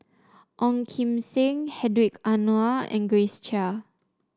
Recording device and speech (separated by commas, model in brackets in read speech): standing microphone (AKG C214), read sentence